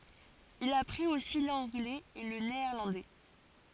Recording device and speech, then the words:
forehead accelerometer, read sentence
Il apprit aussi l'anglais et le néerlandais.

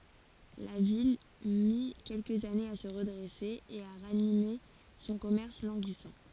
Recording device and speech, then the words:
forehead accelerometer, read sentence
La ville mit quelques années à se redresser et à ranimer son commerce languissant.

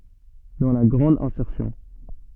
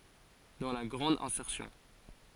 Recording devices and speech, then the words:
soft in-ear microphone, forehead accelerometer, read sentence
Dans la grande insertion.

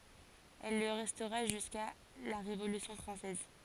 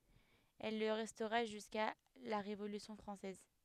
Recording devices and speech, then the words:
forehead accelerometer, headset microphone, read sentence
Elle le restera jusqu'à la Révolution française.

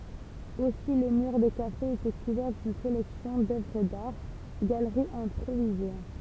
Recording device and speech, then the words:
temple vibration pickup, read sentence
Aussi les murs des cafés étaient couverts d'une collection d'œuvres d'art, galeries improvisées.

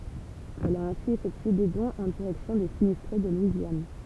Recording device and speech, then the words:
temple vibration pickup, read sentence
Elle a ainsi effectué des dons en direction des sinistrés de Louisiane.

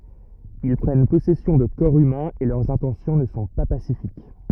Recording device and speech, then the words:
rigid in-ear microphone, read sentence
Ils prennent possession de corps humains et leurs intentions ne sont pas pacifiques.

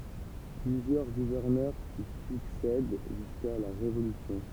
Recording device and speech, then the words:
temple vibration pickup, read sentence
Plusieurs gouverneurs s'y succèdent jusqu'à la Révolution.

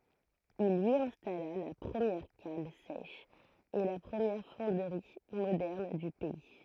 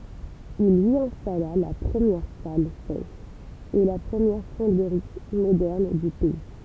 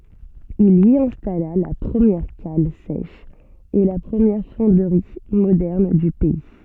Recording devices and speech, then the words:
throat microphone, temple vibration pickup, soft in-ear microphone, read sentence
Il y installa la première cale sèche et la première fonderie moderne du pays.

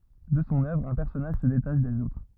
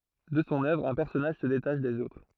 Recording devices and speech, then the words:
rigid in-ear microphone, throat microphone, read sentence
De son œuvre, un personnage se détache des autres.

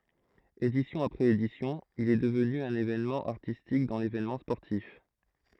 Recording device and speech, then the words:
throat microphone, read sentence
Édition après édition, il est devenu un événement artistique dans l'événement sportif.

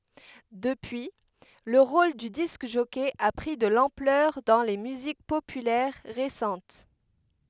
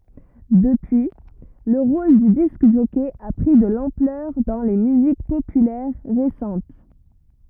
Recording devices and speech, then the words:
headset microphone, rigid in-ear microphone, read sentence
Depuis, le rôle du disc-jockey a pris de l'ampleur dans les musiques populaires récentes.

